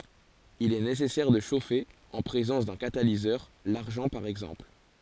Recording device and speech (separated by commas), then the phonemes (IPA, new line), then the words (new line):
forehead accelerometer, read sentence
il ɛ nesɛsɛʁ də ʃofe ɑ̃ pʁezɑ̃s dœ̃ katalizœʁ laʁʒɑ̃ paʁ ɛɡzɑ̃pl
Il est nécessaire de chauffer en présence d'un catalyseur, l'argent par exemple.